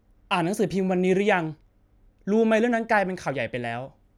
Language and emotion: Thai, frustrated